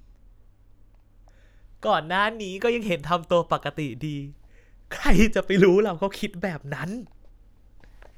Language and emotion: Thai, happy